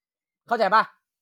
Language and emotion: Thai, angry